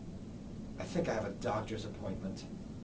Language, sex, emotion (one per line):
English
male
neutral